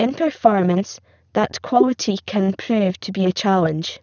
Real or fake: fake